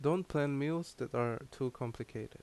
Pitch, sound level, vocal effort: 140 Hz, 81 dB SPL, normal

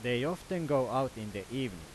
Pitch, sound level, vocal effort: 125 Hz, 93 dB SPL, very loud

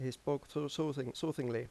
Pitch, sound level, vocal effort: 145 Hz, 84 dB SPL, normal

